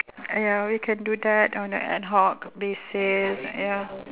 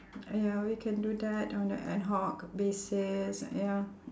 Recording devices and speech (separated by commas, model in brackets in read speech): telephone, standing microphone, conversation in separate rooms